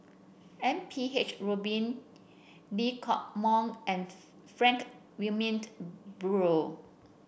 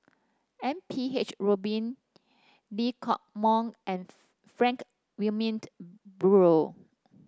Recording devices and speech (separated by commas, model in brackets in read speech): boundary microphone (BM630), standing microphone (AKG C214), read sentence